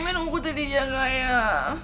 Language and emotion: Thai, sad